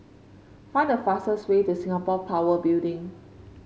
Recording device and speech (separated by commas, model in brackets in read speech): mobile phone (Samsung C5), read sentence